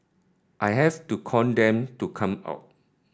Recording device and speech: standing microphone (AKG C214), read sentence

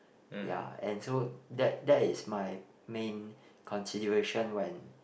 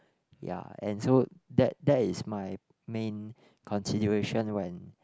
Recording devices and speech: boundary microphone, close-talking microphone, conversation in the same room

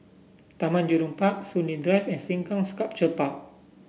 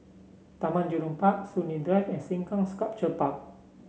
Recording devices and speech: boundary microphone (BM630), mobile phone (Samsung C7), read sentence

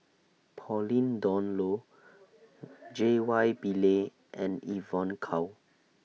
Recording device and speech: mobile phone (iPhone 6), read sentence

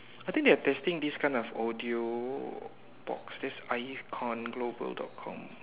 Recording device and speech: telephone, conversation in separate rooms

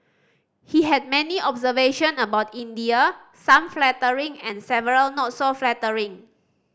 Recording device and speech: standing microphone (AKG C214), read sentence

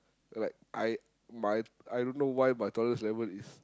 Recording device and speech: close-talking microphone, conversation in the same room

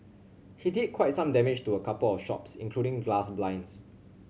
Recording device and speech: mobile phone (Samsung C7100), read sentence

